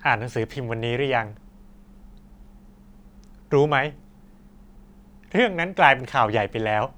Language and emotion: Thai, frustrated